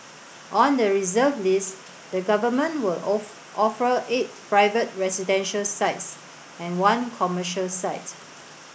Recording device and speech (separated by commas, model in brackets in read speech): boundary microphone (BM630), read sentence